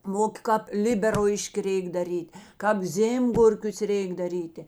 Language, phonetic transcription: Lithuanian, ˈmokė kāp ˈliberlaiški ˈreik daˈryt' kāp ˈzėmgurkius ˈrėik daˈrytė

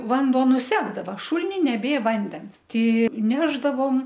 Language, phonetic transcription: Lithuanian, ˈvanduo nuˈsekdava ˈšulini neˈbė ˈvandens ˈti ˈnešdavom

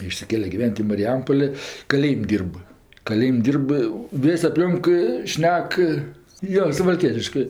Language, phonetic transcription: Lithuanian, išsiˈkėle giˈven't' i mariˈjampolė kaˈlėjim' ˈdyrb kaˈlėjim' ˈdyrb ˈvės' apˈlionk ˈšnek jo suvalˈkietiškɜ

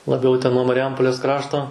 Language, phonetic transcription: Lithuanian, laˈbiau ten nuo mariˈjampolės ˈkrašto

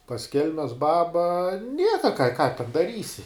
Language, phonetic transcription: Lithuanian, pas ˈkelmes ˈbaba ˈnieka ką ką ten daˈrysi

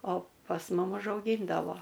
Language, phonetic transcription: Lithuanian, o pas ˈmum užauˈgyndavo

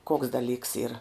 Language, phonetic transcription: Lithuanian, koks daˈlyks yr

